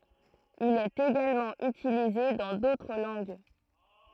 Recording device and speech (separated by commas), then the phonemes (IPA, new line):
throat microphone, read sentence
il ɛt eɡalmɑ̃ ytilize dɑ̃ dotʁ lɑ̃ɡ